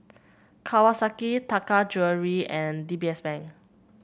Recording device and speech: boundary microphone (BM630), read sentence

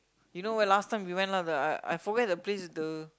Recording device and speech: close-talking microphone, conversation in the same room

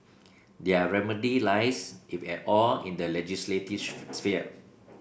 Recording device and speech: boundary microphone (BM630), read sentence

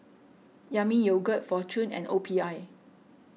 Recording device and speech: mobile phone (iPhone 6), read sentence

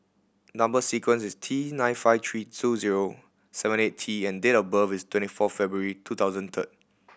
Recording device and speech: boundary microphone (BM630), read sentence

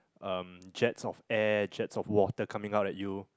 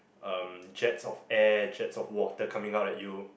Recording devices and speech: close-talking microphone, boundary microphone, conversation in the same room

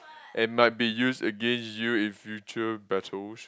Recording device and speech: close-talking microphone, conversation in the same room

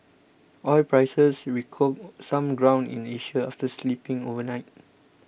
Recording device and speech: boundary microphone (BM630), read sentence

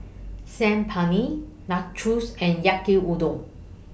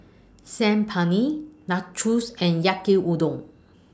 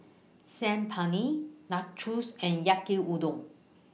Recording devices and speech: boundary microphone (BM630), standing microphone (AKG C214), mobile phone (iPhone 6), read sentence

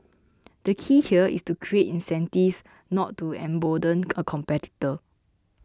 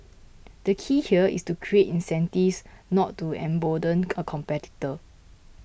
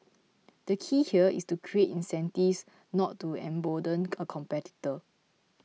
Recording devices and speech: close-talking microphone (WH20), boundary microphone (BM630), mobile phone (iPhone 6), read sentence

